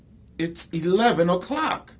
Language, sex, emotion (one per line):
English
male
angry